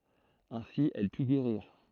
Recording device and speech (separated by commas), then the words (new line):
throat microphone, read sentence
Ainsi, elle put guérir.